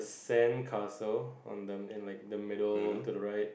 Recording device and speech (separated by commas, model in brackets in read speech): boundary microphone, conversation in the same room